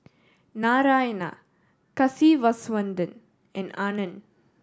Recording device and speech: standing microphone (AKG C214), read sentence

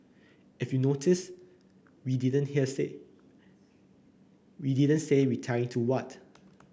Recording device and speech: boundary microphone (BM630), read sentence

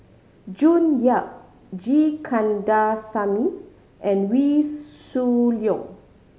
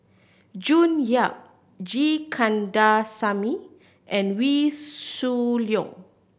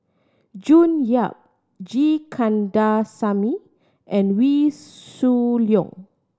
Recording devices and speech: mobile phone (Samsung C5010), boundary microphone (BM630), standing microphone (AKG C214), read sentence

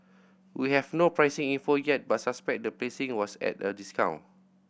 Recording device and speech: boundary microphone (BM630), read sentence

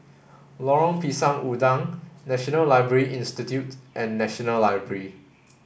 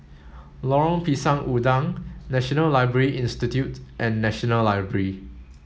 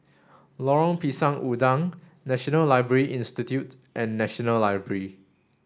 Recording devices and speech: boundary microphone (BM630), mobile phone (Samsung S8), standing microphone (AKG C214), read sentence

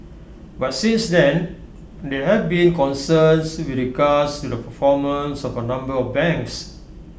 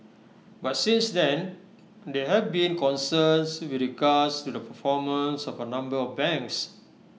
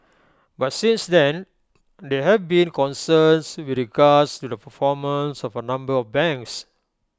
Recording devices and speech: boundary microphone (BM630), mobile phone (iPhone 6), close-talking microphone (WH20), read sentence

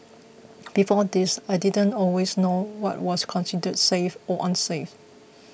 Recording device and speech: boundary microphone (BM630), read sentence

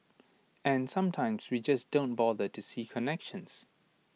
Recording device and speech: mobile phone (iPhone 6), read sentence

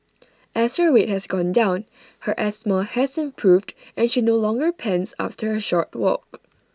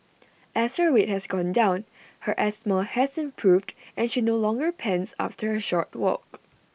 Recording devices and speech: standing microphone (AKG C214), boundary microphone (BM630), read sentence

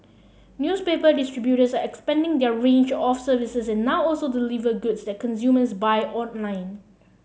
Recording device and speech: mobile phone (Samsung C7), read sentence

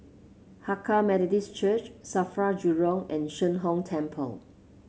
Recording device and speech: mobile phone (Samsung C7), read sentence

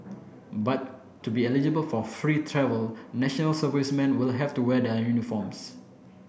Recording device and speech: boundary microphone (BM630), read sentence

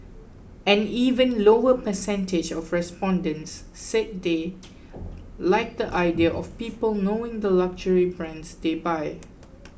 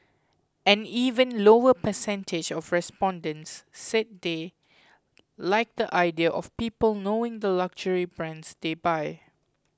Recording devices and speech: boundary microphone (BM630), close-talking microphone (WH20), read sentence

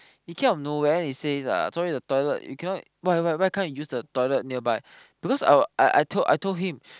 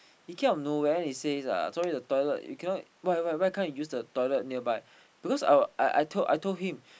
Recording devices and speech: close-talking microphone, boundary microphone, conversation in the same room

